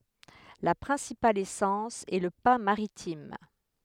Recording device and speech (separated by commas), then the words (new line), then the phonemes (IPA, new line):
headset microphone, read sentence
La principale essence est le pin maritime.
la pʁɛ̃sipal esɑ̃s ɛ lə pɛ̃ maʁitim